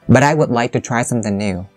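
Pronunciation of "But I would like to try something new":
The voice goes up on 'But I', then drops for the rest, 'would like to try something new'.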